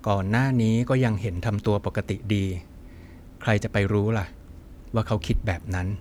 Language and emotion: Thai, neutral